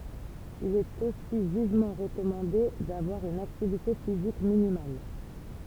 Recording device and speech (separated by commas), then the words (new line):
temple vibration pickup, read sentence
Il est aussi vivement recommandé d'avoir une activité physique minimale.